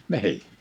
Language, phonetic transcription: Finnish, 'ni̬ʰì !
- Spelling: niin

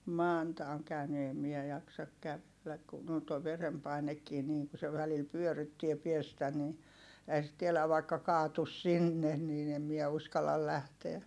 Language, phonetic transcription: Finnish, Mànta oŋ käyny èm miɛ jaksak kävelläk kun ‿on toi verempainekkii niiŋ ku se välil pyöryttie piestä ni , ehä sit tieläv vaikka kaatus sinnen niin ‿em miɛ uskallal lähteä .
- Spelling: Manta on käynyt en minä jaksa kävellä kun on tuo verenpainekin niin kun se välillä pyörryttää päästä niin eihän sitä tiedä vaikka kaatuisi sinne niin en minä uskalla lähteä

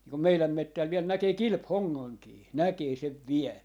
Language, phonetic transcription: Finnish, nii kum "meiläm 'mettäl 'viel 'näkee "kilp₍'hoŋŋaŋkii "näkee 'sev "viɛ .
- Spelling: niin kun meidän metsällä vielä näkee kilpihongankin näkee sen vielä

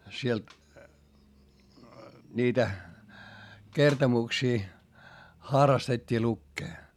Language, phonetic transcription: Finnish, siel , niitä , kertomuksii , χarrastet́t́ii lukkee .
- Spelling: siellä niitä kertomuksia harrastettiin lukea

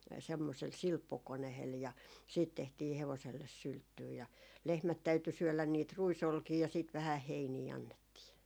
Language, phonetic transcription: Finnish, semmosel "silppukonehel ja , siit tehtii 'hevoselles "sylttyy ja , 'lehmät täyty 'syölän niit "rui'solkii ja siit vähäh "heinii 'annettii .
- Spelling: semmoisella silppukoneella ja sitten tehtiin hevoselle sylttyä ja lehmät täytyi syödä niitä ruisolkia ja sitten vähän heiniä annettiin

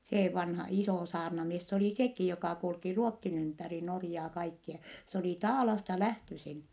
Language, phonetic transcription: Finnish, see vanha , isò saarnamies s ‿olì sekì jokà kulki Ruottin ‿ympäri Norjaa kaikkia , s ‿olì Taalasta lähtösin .
- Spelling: se vanha iso saarnamies se oli sekin joka kulki Ruotsin ympäri Norjaa kaikkia se oli Taalasta lähtöisin

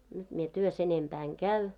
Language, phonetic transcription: Finnish, 'nyt mie 'työs ‿enempää 'eŋ "käy .
- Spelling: nyt minä työssä enempää en käy

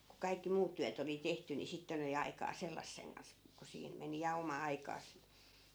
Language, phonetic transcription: Finnish, ku 'kaikki "muut tyät ‿oli 'tehty ni 'sitten ‿oli aikaa 'sellasseŋ kans , ku 'siin , 'meni ja 'oma 'aikaas .
- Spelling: kun kaikki muut työt oli tehty niin sitten oli aikaa sellaisen kanssa kun siinä meni ja oma aikansa

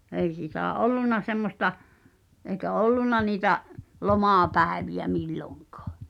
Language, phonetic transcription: Finnish, 'ei sìtä̀ "’ol̆lun̆na semmos̀ta , ’eikä "olluna niitä’ , "lomàpä̀evi₍ä 'milloŋkᴀᴀ .
- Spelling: ei sitä ollut semmoista eikä ollut niitä lomapäiviä milloinkaan

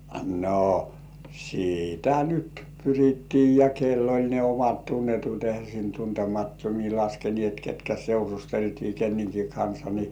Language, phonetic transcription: Finnish, no , 'sì"tä "nyt 'pyrittii ja 'kell ‿oĺ ne 'omat "tunnetut , ehä sin "tuntemattomii 'laskenĭèt ketkä 'seurusteltii kenneŋki 'kansa ni .
- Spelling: no sitä nyt pyrittiin ja kenellä oli ne omat tunnetut eihän sinne tuntemattomia laskeneet ketkä seurusteltiin kenenkin kanssa niin

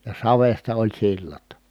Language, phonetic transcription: Finnish, ja savesta oĺ sillat .
- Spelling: ja savesta oli sillat

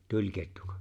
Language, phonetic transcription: Finnish, 'tuĺkettuko ?
- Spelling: tulikettuko

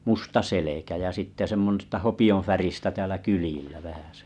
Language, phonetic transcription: Finnish, 'musta 'selekä ja 'sitte sem[s]ta 'hopi₍oⁿ̬färistä 'täälä "kylⁱjillä vähäsᴇ .
- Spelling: musta selkä ja sitten semmoista hopeanväristä täällä kyljillä vähäsen

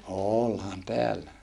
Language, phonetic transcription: Finnish, oolhan teällä .
- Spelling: olihan täällä

